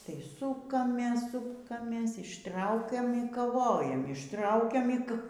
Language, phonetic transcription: Lithuanian, tai ˈsukamės ˈsukamės išˈtraukiam y kaˈvojam išˈtraukiam y k

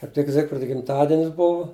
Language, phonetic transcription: Lithuanian, kaip ˈtik ˈzigfrida gimˈtadinis ˈbuvu

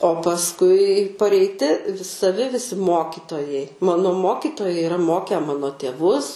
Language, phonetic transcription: Lithuanian, o pasˈkui pareiˈti saˈvi viˈsi ˈmokitojai ˈmano ˈmokitojai iˈra ˈmoke ˈmano tėˈvus

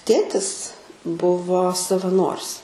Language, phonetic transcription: Lithuanian, ˈtėtis ˈbuvo savaˈnoris

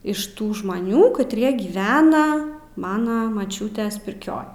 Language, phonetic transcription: Lithuanian, iš ˈtų žmaˈnių katˈrie gyˈvena ˈmana maˈčiūtės pirˈkioj

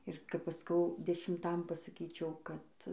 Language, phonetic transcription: Lithuanian, ir kap ˈaš ˈskau dešimˈtam pasaˈkyčiau kad

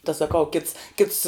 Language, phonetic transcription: Lithuanian, ta saˈkau kits kits

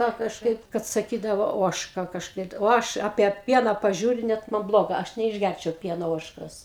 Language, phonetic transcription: Lithuanian, ka kažˈkaip kad saˈkydavo ˈožka kažˈkai o ˈaš apie ˈpiena paˈžiūriu ˈnet man ˈbloga ˈaš neišˈgærčiau ˈpieno ˈožkos

